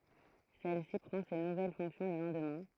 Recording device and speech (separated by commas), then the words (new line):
throat microphone, read sentence
Celle-ci prend ses nouvelles fonctions le lendemain.